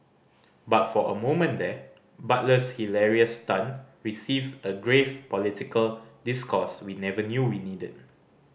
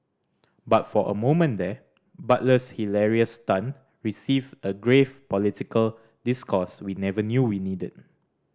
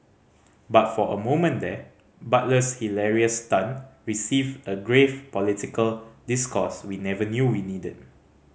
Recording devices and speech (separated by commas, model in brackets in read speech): boundary microphone (BM630), standing microphone (AKG C214), mobile phone (Samsung C5010), read sentence